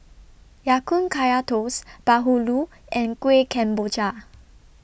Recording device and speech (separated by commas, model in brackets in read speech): boundary microphone (BM630), read sentence